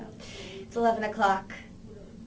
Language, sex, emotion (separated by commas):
English, female, neutral